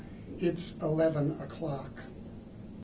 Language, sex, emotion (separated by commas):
English, male, disgusted